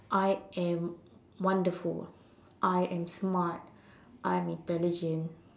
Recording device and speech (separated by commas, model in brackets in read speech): standing microphone, conversation in separate rooms